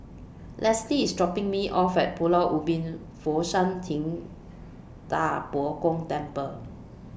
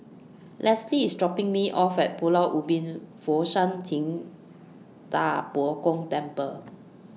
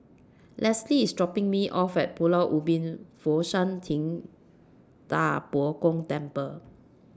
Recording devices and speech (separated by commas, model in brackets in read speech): boundary microphone (BM630), mobile phone (iPhone 6), standing microphone (AKG C214), read sentence